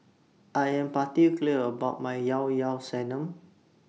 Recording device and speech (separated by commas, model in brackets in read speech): mobile phone (iPhone 6), read sentence